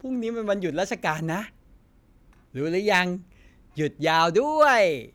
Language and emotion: Thai, happy